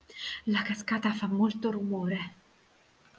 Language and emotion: Italian, fearful